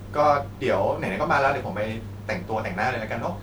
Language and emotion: Thai, neutral